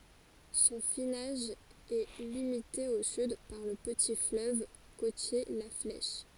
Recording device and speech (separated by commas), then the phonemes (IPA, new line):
forehead accelerometer, read sentence
sɔ̃ finaʒ ɛ limite o syd paʁ lə pəti fløv kotje la flɛʃ